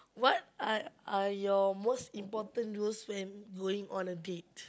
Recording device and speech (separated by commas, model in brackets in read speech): close-talking microphone, conversation in the same room